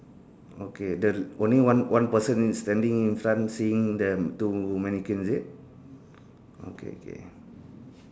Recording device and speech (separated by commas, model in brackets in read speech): standing microphone, conversation in separate rooms